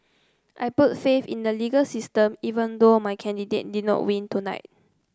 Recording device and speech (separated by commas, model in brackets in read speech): close-talking microphone (WH30), read sentence